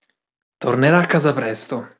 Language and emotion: Italian, angry